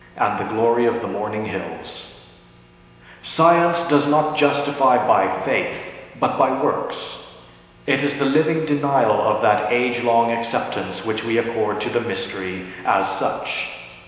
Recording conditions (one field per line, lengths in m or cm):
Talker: one person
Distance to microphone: 1.7 m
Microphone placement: close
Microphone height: 1.0 m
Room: very reverberant, large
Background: none